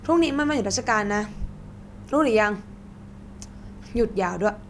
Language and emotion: Thai, frustrated